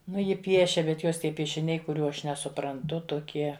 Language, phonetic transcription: Lithuanian, ˈnu ˈji ˈpiešia bet ˈjos ˈtie piešiˈniai kuˈrių ˈaš nesupranˈtu tuˈkie

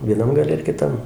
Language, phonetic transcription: Lithuanian, vieˈnam gaˈle ir kiˈtam

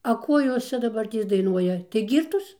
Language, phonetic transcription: Lithuanian, a ˈko ˈjos ˈčia daˈbartės daiˈnuoja tai ˈgyrtos

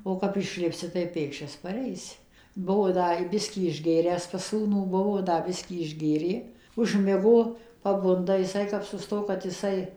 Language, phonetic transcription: Lithuanian, o kap išˈlipsi tai ˈpėkščias paˈreisi ˈbuvo ˈda i ˈbiskį išˈgėręs pas ˈsūnų ˈbuvo ˈda ˈbiskį išˈgėrė užˈmigo paˈbunda jiˈsai kap suˈsto kad jiˈsai

